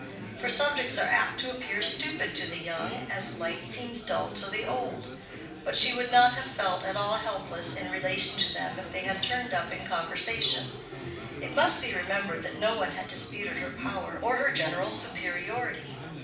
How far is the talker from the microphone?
5.8 m.